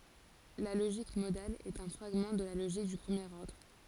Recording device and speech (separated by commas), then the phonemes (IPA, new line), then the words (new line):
forehead accelerometer, read sentence
la loʒik modal ɛt œ̃ fʁaɡmɑ̃ də la loʒik dy pʁəmjeʁ ɔʁdʁ
La logique modale est un fragment de la logique du premier ordre.